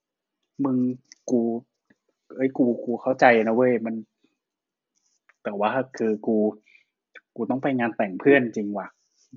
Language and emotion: Thai, frustrated